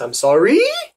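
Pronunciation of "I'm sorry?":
In 'I'm sorry?' the rising intonation goes too high, all the way to the max. Said like this, it is the wrong way to say it.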